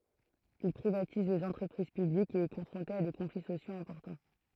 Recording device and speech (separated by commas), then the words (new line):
throat microphone, read sentence
Il privatise les entreprises publiques et est confronté à des conflits sociaux importants.